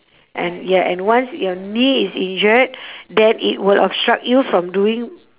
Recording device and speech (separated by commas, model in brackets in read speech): telephone, conversation in separate rooms